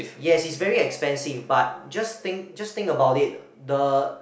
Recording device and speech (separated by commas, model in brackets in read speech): boundary microphone, conversation in the same room